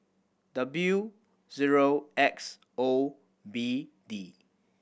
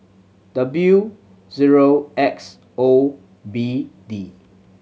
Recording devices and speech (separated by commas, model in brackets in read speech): boundary microphone (BM630), mobile phone (Samsung C7100), read sentence